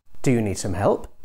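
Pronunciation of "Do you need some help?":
'Do you need some help?' is said as a polite rhetorical question, with a tone that shows the speaker doesn't really think the person needs help.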